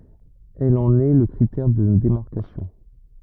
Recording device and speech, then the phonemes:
rigid in-ear microphone, read sentence
ɛl ɑ̃n ɛ lə kʁitɛʁ də demaʁkasjɔ̃

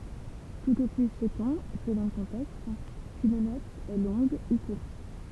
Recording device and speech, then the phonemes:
temple vibration pickup, read sentence
tut o ply sɛtɔ̃ səlɔ̃ lə kɔ̃tɛkst kyn nɔt ɛ lɔ̃ɡ u kuʁt

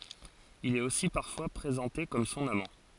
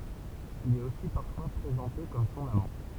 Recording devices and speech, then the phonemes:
forehead accelerometer, temple vibration pickup, read sentence
il ɛt osi paʁfwa pʁezɑ̃te kɔm sɔ̃n amɑ̃

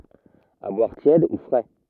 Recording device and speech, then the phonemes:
rigid in-ear microphone, read sentence
a bwaʁ tjɛd u fʁɛ

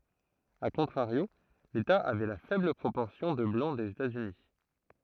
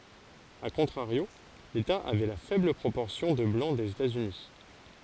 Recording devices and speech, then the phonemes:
throat microphone, forehead accelerometer, read sentence
a kɔ̃tʁaʁjo leta avɛ la fɛbl pʁopɔʁsjɔ̃ də blɑ̃ dez etaz yni

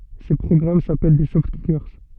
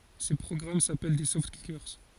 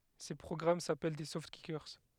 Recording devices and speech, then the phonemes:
soft in-ear microphone, forehead accelerometer, headset microphone, read sentence
se pʁɔɡʁam sapɛl de sɔftkike

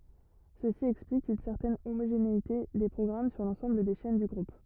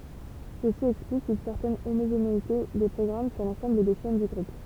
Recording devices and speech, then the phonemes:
rigid in-ear microphone, temple vibration pickup, read sentence
səsi ɛksplik yn sɛʁtɛn omoʒeneite de pʁɔɡʁam syʁ lɑ̃sɑ̃bl de ʃɛn dy ɡʁup

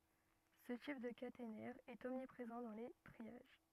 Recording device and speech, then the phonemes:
rigid in-ear microphone, read sentence
sə tip də katenɛʁ ɛt ɔmnipʁezɑ̃ dɑ̃ le tʁiaʒ

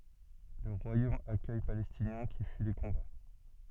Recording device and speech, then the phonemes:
soft in-ear microphone, read sentence
lə ʁwajom akœj palɛstinjɛ̃ ki fyi le kɔ̃ba

